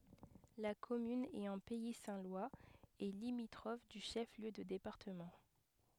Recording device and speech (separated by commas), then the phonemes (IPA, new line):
headset microphone, read sentence
la kɔmyn ɛt ɑ̃ pɛi sɛ̃ lwaz e limitʁɔf dy ʃɛf ljø də depaʁtəmɑ̃